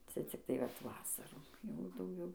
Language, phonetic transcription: Lithuanian, ˈcia cikˈtai vat ˈvasarų ˈjau dauˈgiau

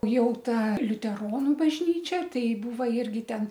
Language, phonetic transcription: Lithuanian, ˈjau ˈta liuteˈronu bažˈnyčia ˈtai ˈbūva ˈirgi ˈten

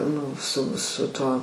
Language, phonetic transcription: Lithuanian, ˈnu su su ˈtuo

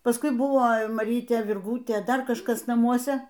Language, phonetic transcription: Lithuanian, pasˈkui ˈbuvo maˈrytė virˈgūtė ˈdar kažˈkas naˈmuose

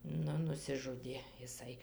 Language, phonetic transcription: Lithuanian, ˈnu nusiˈžudė iˈsai

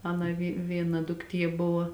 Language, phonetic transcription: Lithuanian, ˈana vi ˈviena dukˈtie ˈbuva

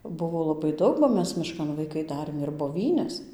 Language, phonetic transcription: Lithuanian, ˈbuvo laˈbai ˈdaug ba ˈmes miˈškan vaiˈkai ˈdarėm ir boˈvynes

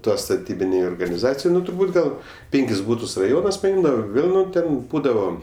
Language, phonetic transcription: Lithuanian, ˈtuos staˈtybinei organiˈzacijai ˈnu turˈbūt gal ˈpėnkis ˈbūtus raˈjonas paˈimdavo ˈvėl ˈnu ˈten ˈbūdavo

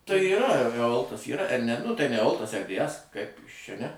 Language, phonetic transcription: Lithuanian, tai yˈra eˈoltas ˈyra er ne nu ˈtai ne eˈoltas er dė ˈes kaip ˈjis ˈčia ne

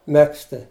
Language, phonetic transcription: Lithuanian, ˈmegzti

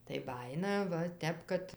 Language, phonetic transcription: Lithuanian, tai ˈbajina ˈva ˈtep kad

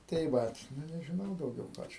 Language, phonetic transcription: Lithuanian, tai ˈvat ˈnu nežiˈnau dauˈgiau ˈką čia

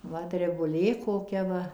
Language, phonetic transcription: Lithuanian, ˈva drebuˈlė koˈkia va

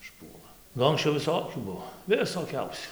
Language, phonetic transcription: Lithuanian, išˈpuola ˈnu anksˈčiau viˈsokių ˈbuo visoˈkiausių

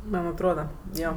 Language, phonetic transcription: Lithuanian, man atˈroda ˈjo

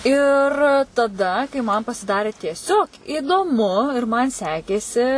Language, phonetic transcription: Lithuanian, ir taˈda kai man pasiˈdarė tieˈsiog įdoˈmu ir ˈman ˈsekėsi

